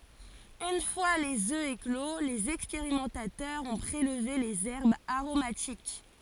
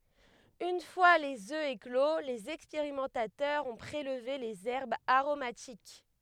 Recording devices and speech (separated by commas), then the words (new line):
forehead accelerometer, headset microphone, read sentence
Une fois les œufs éclos, les expérimentateurs ont prélevé les herbes aromatiques.